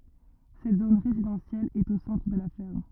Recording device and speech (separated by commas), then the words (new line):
rigid in-ear microphone, read sentence
Cette zone résidentielle est au centre de la ferme.